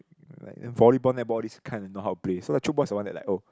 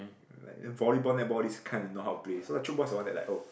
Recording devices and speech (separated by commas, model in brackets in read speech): close-talking microphone, boundary microphone, conversation in the same room